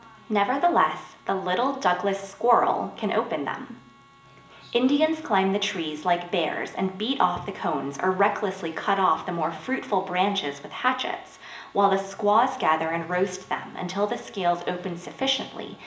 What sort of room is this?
A spacious room.